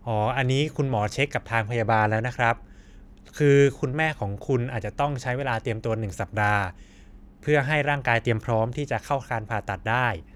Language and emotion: Thai, neutral